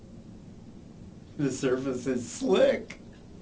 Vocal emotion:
happy